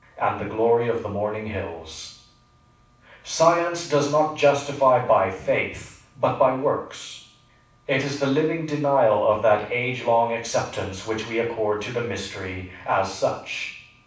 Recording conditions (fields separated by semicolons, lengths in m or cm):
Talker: one person; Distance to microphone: 5.8 m; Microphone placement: far; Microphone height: 1.8 m; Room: medium-sized (5.7 m by 4.0 m); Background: none